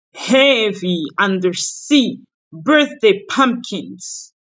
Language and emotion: English, disgusted